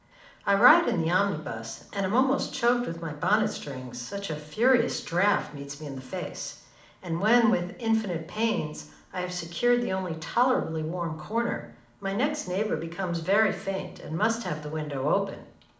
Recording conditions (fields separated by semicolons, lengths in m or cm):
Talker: one person; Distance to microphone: 2.0 m; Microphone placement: close; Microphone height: 99 cm; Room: medium-sized (5.7 m by 4.0 m); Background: none